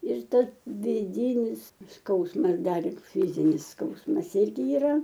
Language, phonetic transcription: Lithuanian, ir ˈtas viˈdynis ˈskausmas ˈdar ˈlig ˈfizinis ˈskausmas ˈirgi iˈra

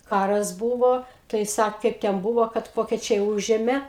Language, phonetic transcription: Lithuanian, ˈkaras ˈbūvo tai ˈsak ˈkaip ten ˈbūvo kad ˈvokečiai ˈūžėmė

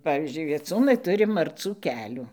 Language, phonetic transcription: Lithuanian, ˈpavyzdžiui vieˈcūnai ˈturi marˈcų ˈkelių

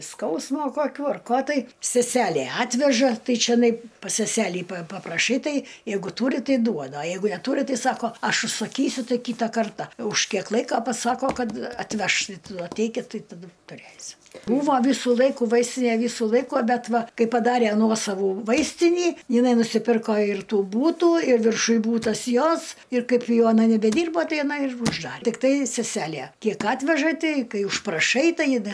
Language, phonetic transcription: Lithuanian, ˈskausmo koˈkių ar ˈko tai seˈselė ˈatveža ˈtai čeˈnai pas seˈselį pa papraˈšai ˈtai ˈjeigu ˈtūri ˈtai ˈduoda a ˈjeigu neˈtūri ˈtai ˈsako ˈaš užsaˈkysiu ˈtai ˈkyta ˈkarta už kiek ˈlaika paˈsako ˈkad atˈveš atˈeikit ˈtai taˈdu tuˈrėsim ˈbūva ˈvysu ˈlaiku ˈvaistinė ˈvisu ˈlaiku ˈbet ˈva ˈkaip paˈdare ˈnuosavų ˈvaistinį jiˈnai nusiˈpirko ir ˈtų ˈbūtų ir virˈšuj ˈbūtas ˈjos ir ˈkaip ˈjau aˈna nebeˈdyrbo ˈtai aˈna ir užˈdar tikˈtai seˈselie ˈkiek ˈatveža ˈtei ˈkai užpraˈšai ˈtai jin i

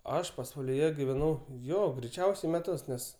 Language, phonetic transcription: Lithuanian, ˈaš pasvaliˈje giveˈnau ˈjo greiˈčiausiai meˈtus ˈnes

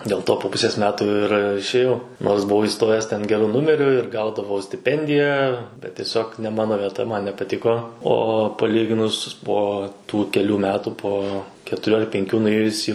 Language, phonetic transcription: Lithuanian, dėl ˈto po ˈpusės ˈmetų ir išėˈjau nors buˈvau įˈstojęs ˈten geˈru ˈnumeriu ir ˈgaudavau stiˈpendiją bet tieˈsiog ne ˈmano vieˈta ˈman nepaˈtiko o paˈlyginus ˈpo tų keˈlių ˈmetų ˈpo ketuˈrių ar penˈkių nuˈėjus į

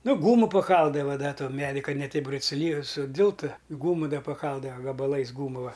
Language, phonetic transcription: Lithuanian, ˈnu ˈgūmu paˈkaldava ˈda ˈton ˈmedi ˈ ka ne ˈteip suˈly suˈdiltu ˈgūmu ˈda paˈkaldava gabaˈlais ˈgūmula

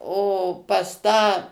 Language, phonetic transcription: Lithuanian, o pas ˈtą

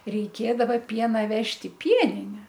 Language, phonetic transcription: Lithuanian, reiˈkėdava ˈpiena ˈvežt' i ˈpienine

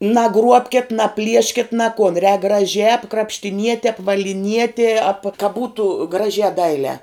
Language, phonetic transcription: Lithuanian, naˈgruobket naˈplieškit ne kon rēk graˈžiā krapštiˈniete apvaliˈnietie ap ka ˈbūtu ˈgražiā ˈdailiā

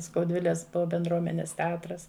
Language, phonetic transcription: Lithuanian, skauˈdviles benˈdruomenes teˈatras

